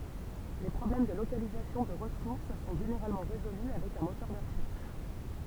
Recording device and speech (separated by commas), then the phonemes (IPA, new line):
temple vibration pickup, read sentence
le pʁɔblɛm də lokalizasjɔ̃ də ʁəsuʁs sɔ̃ ʒeneʁalmɑ̃ ʁezoly avɛk œ̃ motœʁ də ʁəʃɛʁʃ